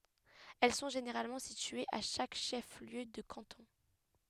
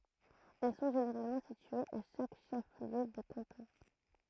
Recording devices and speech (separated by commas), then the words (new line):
headset microphone, throat microphone, read sentence
Elles sont généralement situées à chaque chef-lieu de canton.